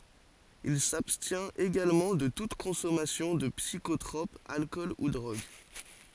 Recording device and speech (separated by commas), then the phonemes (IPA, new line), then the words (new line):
forehead accelerometer, read sentence
il sabstjɛ̃t eɡalmɑ̃ də tut kɔ̃sɔmasjɔ̃ də psikotʁɔp alkɔl u dʁoɡ
Il s'abstient également de toute consommation de psychotrope, alcool ou drogue.